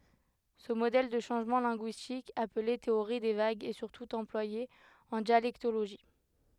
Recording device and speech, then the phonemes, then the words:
headset microphone, read sentence
sə modɛl də ʃɑ̃ʒmɑ̃ lɛ̃ɡyistik aple teoʁi de vaɡz ɛ syʁtu ɑ̃plwaje ɑ̃ djalɛktoloʒi
Ce modèle de changement linguistique, appelé théorie des vagues, est surtout employé en dialectologie.

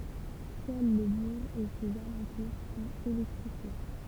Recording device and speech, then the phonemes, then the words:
temple vibration pickup, read sentence
sœl lə buʁ e sez alɑ̃tuʁ sɔ̃t elɛktʁifje
Seul le bourg et ses alentours sont électrifiés.

